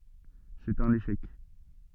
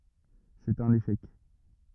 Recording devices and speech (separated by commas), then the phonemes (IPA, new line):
soft in-ear microphone, rigid in-ear microphone, read sentence
sɛt œ̃n eʃɛk